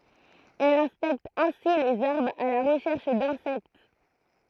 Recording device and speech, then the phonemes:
throat microphone, read sentence
ɛl ɛ̃spɛkt ɛ̃si lez aʁbʁz a la ʁəʃɛʁʃ dɛ̃sɛkt

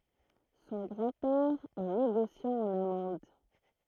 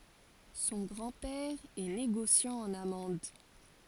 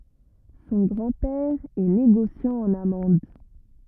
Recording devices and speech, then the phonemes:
throat microphone, forehead accelerometer, rigid in-ear microphone, read sentence
sɔ̃ ɡʁɑ̃ pɛʁ ɛ neɡosjɑ̃ ɑ̃n amɑ̃d

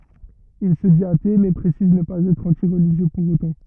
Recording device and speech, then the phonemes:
rigid in-ear microphone, read sentence
il sə dit ate mɛ pʁesiz nə paz ɛtʁ ɑ̃ti ʁəliʒjø puʁ otɑ̃

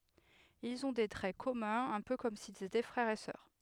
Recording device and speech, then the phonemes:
headset microphone, read sentence
ilz ɔ̃ de tʁɛ kɔmœ̃z œ̃ pø kɔm silz etɛ fʁɛʁz e sœʁ

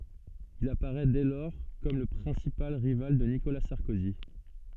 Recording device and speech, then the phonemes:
soft in-ear microphone, read sentence
il apaʁɛ dɛ lɔʁ kɔm lə pʁɛ̃sipal ʁival də nikola sɑʁkozi

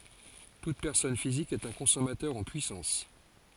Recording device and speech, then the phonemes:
forehead accelerometer, read sentence
tut pɛʁsɔn fizik ɛt œ̃ kɔ̃sɔmatœʁ ɑ̃ pyisɑ̃s

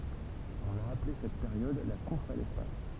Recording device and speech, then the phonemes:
temple vibration pickup, read sentence
ɔ̃n a aple sɛt peʁjɔd la kuʁs a lɛspas

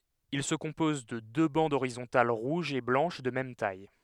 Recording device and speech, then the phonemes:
headset microphone, read sentence
il sə kɔ̃pɔz də dø bɑ̃dz oʁizɔ̃tal ʁuʒ e blɑ̃ʃ də mɛm taj

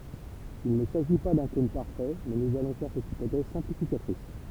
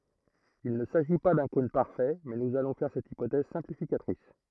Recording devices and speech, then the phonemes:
temple vibration pickup, throat microphone, read sentence
il nə saʒi pa dœ̃ kɔ̃n paʁfɛ mɛ nuz alɔ̃ fɛʁ sɛt ipotɛz sɛ̃plifikatʁis

